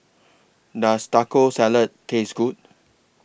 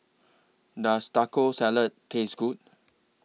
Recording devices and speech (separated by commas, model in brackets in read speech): boundary microphone (BM630), mobile phone (iPhone 6), read sentence